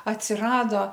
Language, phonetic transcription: Lithuanian, atsiˈrado

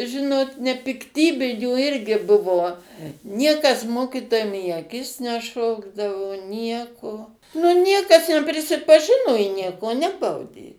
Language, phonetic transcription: Lithuanian, ˈžinot nepikˈtybinių ˈirgi ˈbuvo ˈniekas ˈmokitojam į aˈkis neˈšokdavo ˈnieko nu ˈniekas neprisipaˈžino i ˈnieko ˈnebaudė

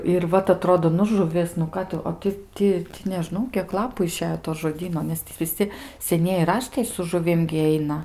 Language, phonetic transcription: Lithuanian, ir ˈvat aˈtrodo nu žuˈvis nu ˈką tu o ˈti ˈti neˈžnau kiek ˈlapu iˈšejo to žoˈdyno nes ˈtį viˈsi seˈnieji ˈraštai su žuˈvim gi ˈeina

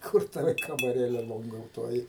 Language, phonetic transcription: Lithuanian, ˈkur ˈtava kamaˈrėle longouˈtuoji

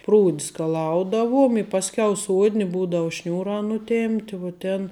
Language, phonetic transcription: Lithuanian, ˈprūd' skaˈlaudavuom i ˈpasˌkiau ˈsuodni ˈbūdau ˈšniūrā nuˈtėmpti vuo ˈtėn

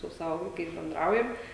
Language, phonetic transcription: Lithuanian, su ˈsavo vaiˈkais benˈdraujam

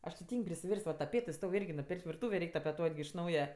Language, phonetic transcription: Lithuanian, ˈaš ti ˈtyng' prisiˈvers't' va taˈpėtɜ ˈstov' ˈirgi ˈnauj nuˈpėrk't' virˈtūvė ˈreik' tapeˈtuot' gi iš ˈnauja

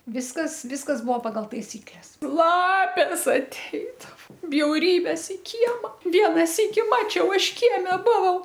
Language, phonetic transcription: Lithuanian, ˈviskas ˈviskas ˈbuvo pagal taiˈsykles ˈlapės aˈteidavo bjauˈrybės i ˈkiema ˈviena ˈsyki ˈmačiau ˈaš ˈkieme ˈbuvau

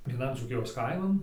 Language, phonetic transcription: Lithuanian, vieˈnan dzūˈkijos ˈkaiman

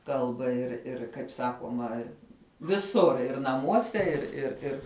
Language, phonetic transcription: Lithuanian, ˈkalba ir ˈir kaip ˈsakuoma viˈsur ir naˈmuose ir ir ˈir

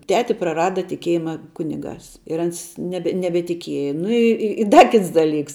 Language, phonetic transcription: Lithuanian, ˈteti praˈrada tiˈkiejima ˈkuniˌgās ir ˈans ˈnebe nebetiˈkieja ˈnu i ˈi i ˈda ˈkits daˈlyks

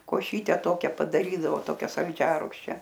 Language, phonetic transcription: Lithuanian, koˈšyte ˈtokia padaˈrydavo ˈtokia salˈdžiarugščia

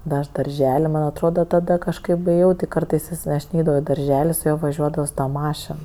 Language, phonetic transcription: Lithuanian, da ˈaš darˈžel' man' atˈroda ˈtada kažˈkaip ėˈjau ˈti ˈkartais ˈjis aš ˈneidavau i darˈželi su ˈjuo vaˈžiuodavo su ˈta ˈmašen

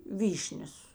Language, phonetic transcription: Lithuanian, ˈvyšnias

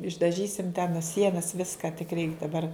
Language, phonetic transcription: Lithuanian, išdaˈžysim ten a ˈsienas ˈviska tik reik daˈbar

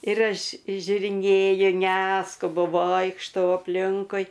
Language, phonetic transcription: Lithuanian, ir ˈaš žiuriˈnėju ˈneskubu ˈvoikštau apˈlinkui

